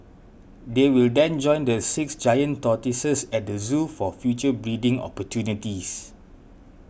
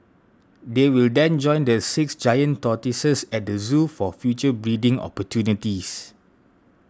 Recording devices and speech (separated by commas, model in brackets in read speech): boundary microphone (BM630), standing microphone (AKG C214), read sentence